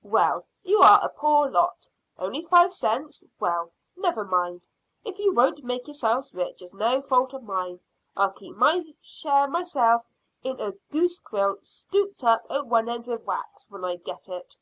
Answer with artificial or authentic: authentic